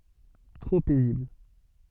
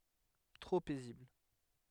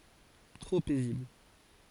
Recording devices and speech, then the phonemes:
soft in-ear microphone, headset microphone, forehead accelerometer, read sentence
tʁo pɛzibl

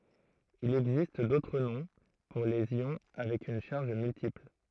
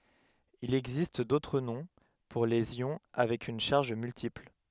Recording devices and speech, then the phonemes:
throat microphone, headset microphone, read sentence
il ɛɡzist dotʁ nɔ̃ puʁ lez jɔ̃ avɛk yn ʃaʁʒ myltipl

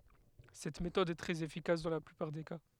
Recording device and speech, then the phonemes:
headset microphone, read sentence
sɛt metɔd ɛ tʁɛz efikas dɑ̃ la plypaʁ de ka

